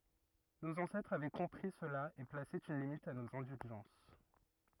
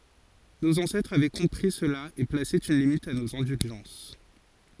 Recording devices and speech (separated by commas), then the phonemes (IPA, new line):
rigid in-ear microphone, forehead accelerometer, read sentence
noz ɑ̃sɛtʁz avɛ kɔ̃pʁi səla e plase yn limit a noz ɛ̃dylʒɑ̃s